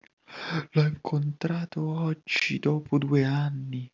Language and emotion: Italian, fearful